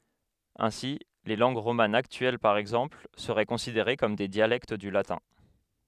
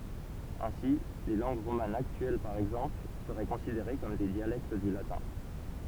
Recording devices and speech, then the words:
headset microphone, temple vibration pickup, read sentence
Ainsi, les langues romanes actuelles par exemple seraient considérées comme des dialectes du latin.

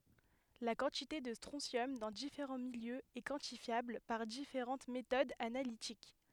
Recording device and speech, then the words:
headset microphone, read sentence
La quantité de strontium dans différents milieux est quantifiable par différentes méthodes analytiques.

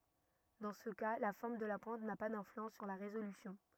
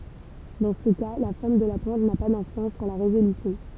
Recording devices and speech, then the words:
rigid in-ear microphone, temple vibration pickup, read sentence
Dans ce cas, la forme de la pointe n'a pas d'influence sur la résolution.

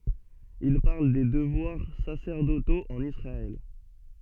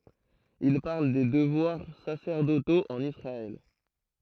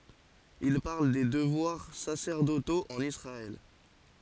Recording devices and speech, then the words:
soft in-ear microphone, throat microphone, forehead accelerometer, read sentence
Il parle des devoirs sacerdotaux en Israël.

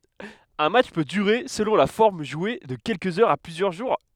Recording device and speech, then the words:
headset microphone, read sentence
Un match peut durer, selon la forme jouée, de quelques heures à plusieurs jours.

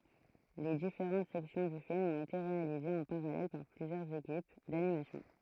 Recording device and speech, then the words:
throat microphone, read sentence
Les différentes sections du film ont été réalisées en parallèle par plusieurs équipes d'animation.

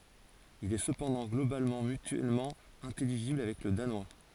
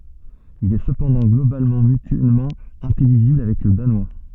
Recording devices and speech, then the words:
forehead accelerometer, soft in-ear microphone, read sentence
Il est cependant globalement mutuellement intelligible avec le danois.

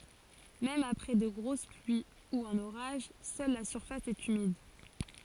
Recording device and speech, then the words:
forehead accelerometer, read sentence
Même après de grosses pluies ou un orage, seule la surface est humide.

